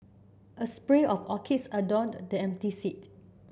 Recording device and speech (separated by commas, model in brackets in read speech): boundary microphone (BM630), read sentence